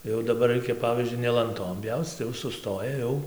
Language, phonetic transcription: Lithuanian, ˈjau daˈbar ˈraikia ˈpavyzdžiui ne lanˈtom ˈpjauc tai ˈjau suˈstoja ˈjau

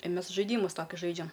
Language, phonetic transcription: Lithuanian, i ˈmės žaiˈdymus ˈtokius ˈžaidžiam

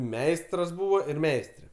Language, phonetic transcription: Lithuanian, ˈmeistras ˈbūvo ir ˈmeistre

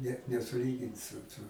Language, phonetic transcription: Lithuanian, net nesuˈlygin su ˈtu

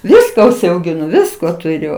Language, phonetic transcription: Lithuanian, ˈviska užsiaugiˈnu ˈvisko tuˈriu

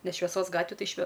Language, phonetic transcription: Lithuanian, ˈnes šveˈsos ˈgatvi ˈtai šve

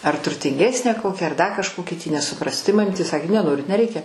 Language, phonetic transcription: Lithuanian, ar turtinˈgesnę ˈkokią ar ˈda kažˈkokį tį nesuˈprasi tai maˈmytė ˈsakė neˈnorit neˈreikia

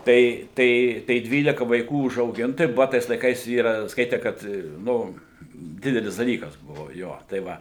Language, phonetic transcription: Lithuanian, ˈtai ˈtai tai ˈdvylika vaiˈkų užauˈgint tai ˈbuva ˈtais laiˈkais ˈyra ˈskaite ˈkad ˈnu ˈdidelis daˈlykas ˈbuvo ˈjo tai ˈva

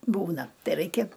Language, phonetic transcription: Lithuanian, ˈbūna ˈtai ˈraikia

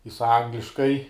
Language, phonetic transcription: Lithuanian, jis ˈangliškai

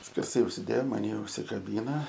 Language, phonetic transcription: Lithuanian, skerˈsai užsiˈdėjo un mani užsikaˈbyna

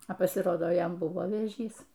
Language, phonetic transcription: Lithuanian, a pasiˈrodo ˈjam ˈbuvo vėˈžys

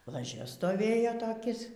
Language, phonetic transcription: Lithuanian, laˈžia stoˈvėjo toˈkis

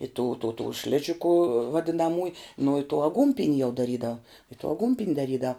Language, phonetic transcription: Lithuanian, i tų tų tų ˈšližiku vadinaˈmųj nu i tų aˈgūnpin' jau daˈrydav i tų aˈgūnpin' daˈrydav

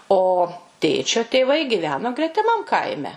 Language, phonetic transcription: Lithuanian, o ˈtėčio tėˈvai giˈveno gretiˈmam ˈkaime

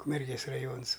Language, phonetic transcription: Lithuanian, ukmerˈgės raˈjons

